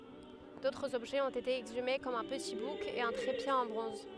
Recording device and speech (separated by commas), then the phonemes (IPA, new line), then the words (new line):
headset microphone, read sentence
dotʁz ɔbʒɛz ɔ̃t ete ɛɡzyme kɔm œ̃ pəti buk e œ̃ tʁepje ɑ̃ bʁɔ̃z
D'autres objets ont été exhumés comme un petit bouc et un trépied en bronze.